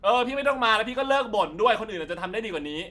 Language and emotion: Thai, angry